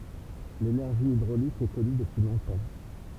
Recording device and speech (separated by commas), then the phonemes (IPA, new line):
temple vibration pickup, read sentence
lenɛʁʒi idʁolik ɛ kɔny dəpyi lɔ̃tɑ̃